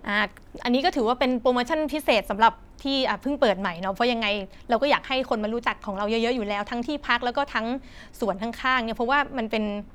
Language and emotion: Thai, neutral